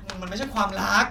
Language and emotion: Thai, frustrated